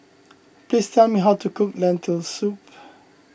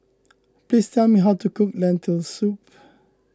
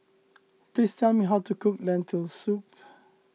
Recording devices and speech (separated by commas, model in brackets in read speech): boundary microphone (BM630), close-talking microphone (WH20), mobile phone (iPhone 6), read sentence